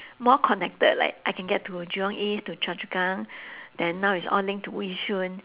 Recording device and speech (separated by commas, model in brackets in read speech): telephone, conversation in separate rooms